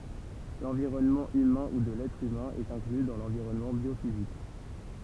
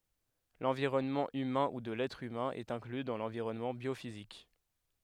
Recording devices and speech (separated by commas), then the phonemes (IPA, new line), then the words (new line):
temple vibration pickup, headset microphone, read sentence
lɑ̃viʁɔnmɑ̃ ymɛ̃ u də lɛtʁ ymɛ̃ ɛt ɛ̃kly dɑ̃ lɑ̃viʁɔnmɑ̃ bjofizik
L'environnement humain ou de l'être humain est inclus dans l'environnement biophysique.